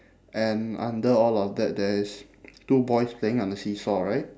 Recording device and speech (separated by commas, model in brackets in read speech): standing microphone, conversation in separate rooms